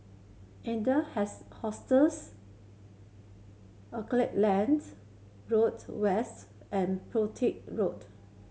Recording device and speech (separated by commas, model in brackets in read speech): mobile phone (Samsung C7100), read sentence